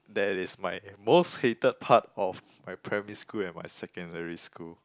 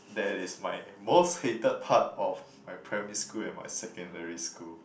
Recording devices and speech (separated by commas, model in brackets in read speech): close-talking microphone, boundary microphone, conversation in the same room